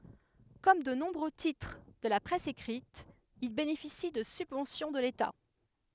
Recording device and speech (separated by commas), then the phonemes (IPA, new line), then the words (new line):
headset microphone, read sentence
kɔm də nɔ̃bʁø titʁ də la pʁɛs ekʁit il benefisi də sybvɑ̃sjɔ̃ də leta
Comme de nombreux titres de la presse écrite, il bénéficie de subventions de l'État.